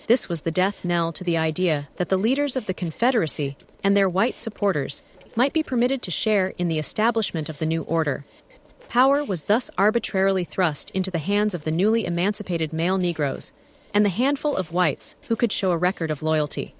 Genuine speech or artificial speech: artificial